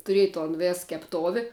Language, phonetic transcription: Lithuanian, tuˈrėj ton ˈvės kepˈtovi

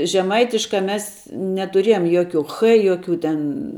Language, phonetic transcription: Lithuanian, žeˈmaitiškā ˈmes netuˈrėjom ˈjoˌkių ˈchɘ ˈjoˌkių ten

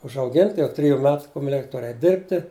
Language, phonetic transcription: Lithuanian, užauˈginti jau ˈtriju ˈmet kumeˈlik' ˈtur eit' ˈdirbti

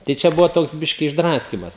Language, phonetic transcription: Lithuanian, tai ˈčia ˈbuvo ˈtoks ˈbiški išˈdraskymas

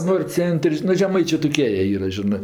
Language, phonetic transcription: Lithuanian, ˈnor' ˈcent'r' nu žeˈmaičė toˈkie jie ˈyra žiˈnɜ

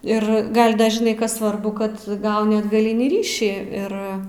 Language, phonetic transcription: Lithuanian, ir ˈgal' ˈda žiˈnai ˈkas ˈsvarbu ˈkad ˈgauni atgaˈlinį ˈryšį ˈir

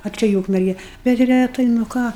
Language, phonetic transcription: Lithuanian, a ˈčia i ˈūkmerge bet reˈtai nu ˈką

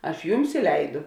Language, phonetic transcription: Lithuanian, ˈaš ˈjums i ˈleidu

